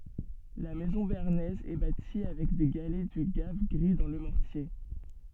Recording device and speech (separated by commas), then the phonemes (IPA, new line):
soft in-ear microphone, read sentence
la mɛzɔ̃ beaʁnɛz ɛ bati avɛk de ɡalɛ dy ɡav ɡʁi dɑ̃ lə mɔʁtje